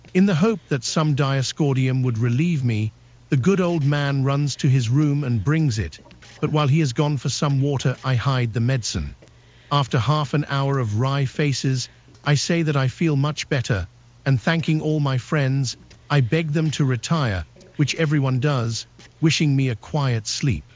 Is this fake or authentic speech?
fake